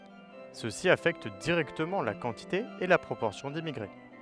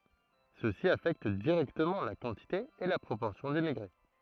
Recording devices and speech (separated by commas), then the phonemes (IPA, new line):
headset microphone, throat microphone, read sentence
səsi afɛkt diʁɛktəmɑ̃ la kɑ̃tite e la pʁopɔʁsjɔ̃ dimmiɡʁe